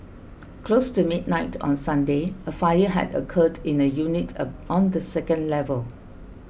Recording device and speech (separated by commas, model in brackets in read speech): boundary microphone (BM630), read sentence